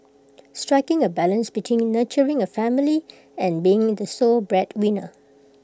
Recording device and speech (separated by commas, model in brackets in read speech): close-talking microphone (WH20), read sentence